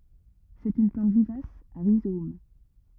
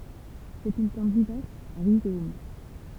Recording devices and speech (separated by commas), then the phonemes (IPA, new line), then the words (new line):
rigid in-ear microphone, temple vibration pickup, read sentence
sɛt yn plɑ̃t vivas a ʁizom
C'est une plante vivace à rhizomes.